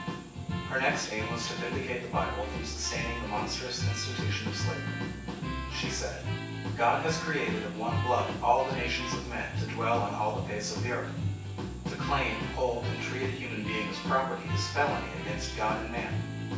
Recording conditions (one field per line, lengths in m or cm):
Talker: one person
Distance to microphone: 9.8 m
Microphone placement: far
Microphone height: 1.8 m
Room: large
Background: music